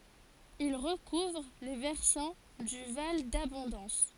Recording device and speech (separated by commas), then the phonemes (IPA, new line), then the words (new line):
forehead accelerometer, read sentence
il ʁəkuvʁ le vɛʁsɑ̃ dy val dabɔ̃dɑ̃s
Il recouvre les versants du val d'Abondance.